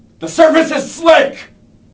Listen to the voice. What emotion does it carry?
angry